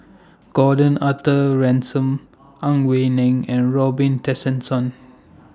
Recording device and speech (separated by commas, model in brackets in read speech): standing microphone (AKG C214), read sentence